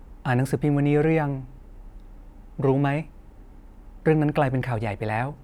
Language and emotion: Thai, neutral